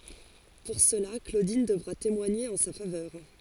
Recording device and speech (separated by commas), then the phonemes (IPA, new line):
forehead accelerometer, read sentence
puʁ səla klodin dəvʁa temwaɲe ɑ̃ sa favœʁ